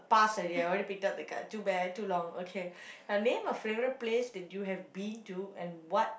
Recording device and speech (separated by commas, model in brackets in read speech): boundary microphone, conversation in the same room